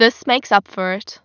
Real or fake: real